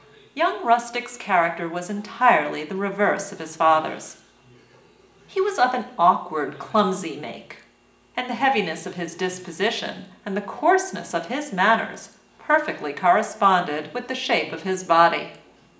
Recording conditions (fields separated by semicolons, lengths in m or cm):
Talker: one person; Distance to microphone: 1.8 m; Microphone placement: close; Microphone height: 1.0 m; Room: large; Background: television